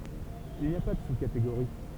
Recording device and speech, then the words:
temple vibration pickup, read sentence
Il n’y a pas de sous-catégorie.

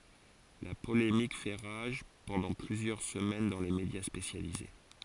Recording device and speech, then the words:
forehead accelerometer, read sentence
La polémique fait rage pendant plusieurs semaines dans les médias spécialisés.

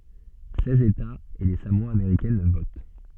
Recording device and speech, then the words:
soft in-ear microphone, read sentence
Seize États et les Samoa américaines votent.

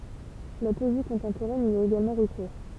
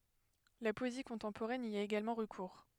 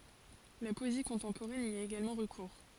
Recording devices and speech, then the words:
temple vibration pickup, headset microphone, forehead accelerometer, read sentence
La poésie contemporaine y a également recours.

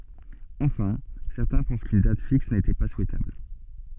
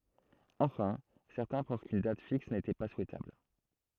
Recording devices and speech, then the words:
soft in-ear microphone, throat microphone, read sentence
Enfin, certains pensent qu'une date fixe n'était pas souhaitable.

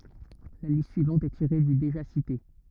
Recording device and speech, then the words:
rigid in-ear microphone, read sentence
La liste suivante est tirée du déjà cité.

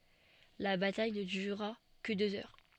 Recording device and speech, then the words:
soft in-ear microphone, read sentence
La bataille ne dura que deux heures.

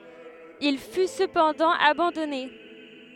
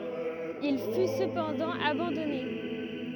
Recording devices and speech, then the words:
headset microphone, rigid in-ear microphone, read sentence
Il fut cependant abandonné.

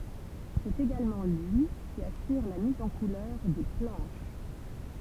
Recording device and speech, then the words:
temple vibration pickup, read sentence
C'est également lui qui assure la mise en couleurs des planches.

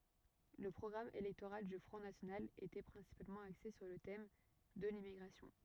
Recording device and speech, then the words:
rigid in-ear microphone, read sentence
Le programme électoral du Front national était principalement axé sur le thème de l'immigration.

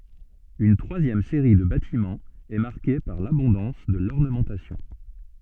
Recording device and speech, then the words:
soft in-ear microphone, read sentence
Une troisième série de bâtiments est marquée par l’abondance de l’ornementation.

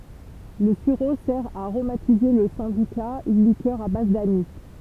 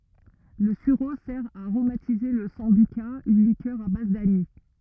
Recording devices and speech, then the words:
temple vibration pickup, rigid in-ear microphone, read sentence
Le sureau sert à aromatiser la sambuca, une liqueur à base d'anis.

